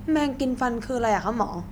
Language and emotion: Thai, neutral